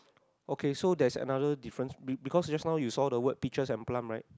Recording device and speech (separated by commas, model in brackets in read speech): close-talking microphone, conversation in the same room